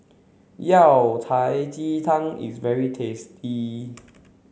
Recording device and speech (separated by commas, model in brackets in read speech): mobile phone (Samsung C7), read sentence